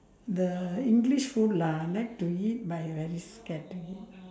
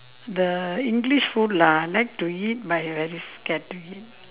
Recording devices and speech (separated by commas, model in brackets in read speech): standing microphone, telephone, conversation in separate rooms